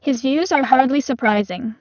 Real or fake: fake